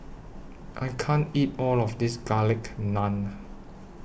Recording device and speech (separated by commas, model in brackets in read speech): boundary microphone (BM630), read sentence